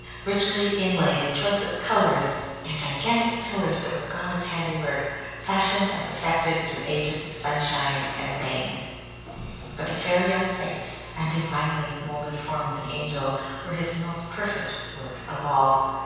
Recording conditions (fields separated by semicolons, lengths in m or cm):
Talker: one person; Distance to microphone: 7.1 m; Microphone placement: far; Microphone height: 1.7 m; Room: very reverberant, large; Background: none